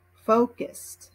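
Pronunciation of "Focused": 'Focused' is pronounced in American English.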